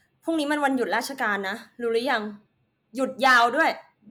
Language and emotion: Thai, angry